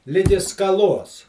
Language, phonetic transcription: Lithuanian, ˈligi skaˈlos

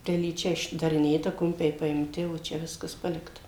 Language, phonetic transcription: Lithuanian, telyˈčia išdariˈnėta ˈkumpiai paimˈti o ˈčia ˈviskas ˈpalikta

